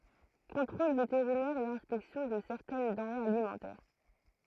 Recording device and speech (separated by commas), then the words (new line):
throat microphone, read sentence
Contrôle vétérinaire et inspection de certaines denrées alimentaires.